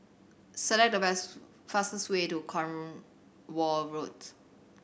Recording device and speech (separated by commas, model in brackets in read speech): boundary microphone (BM630), read sentence